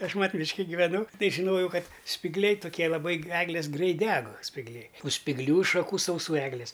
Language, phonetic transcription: Lithuanian, ˈaš ˈmat' ˈmiški giveˈnu ˈtai žiˈnojau ˈkad spigˈliai tuˈkie laˈbai ˈeglės ˈgreit ˈdeg spigˈliai u spigˈlių šaˈkų sauˈsų ˈeglis

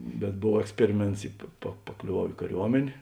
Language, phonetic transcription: Lithuanian, bet ˈbov eksˈperiˌmėnts i pa pa paklioˈvau į kaˈriuomenė

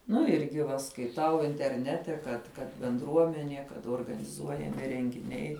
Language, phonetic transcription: Lithuanian, nu ˈirgi va skaiˈtau interˈnete kad kad benˈdruomenie kad organiˈzuojami rengiˈniai

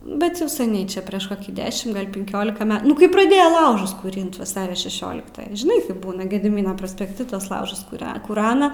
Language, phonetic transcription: Lithuanian, ˈbet jau seˈniai ˈčia prieš ˈkokį ˈdešim gal' pinˈkiolika ˈme ˈnu kai praˈdėjo ˈlaužus kūˈrint vaˈsario šeˈšioliktą žiˈnai kaip ˈbūna gediˈmyno prospekˈti tuos ˈlaužus kuˈre kuˈrana

